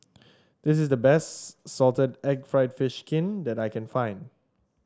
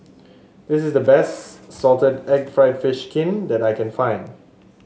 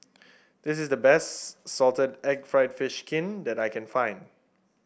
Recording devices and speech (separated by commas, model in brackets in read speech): standing microphone (AKG C214), mobile phone (Samsung S8), boundary microphone (BM630), read sentence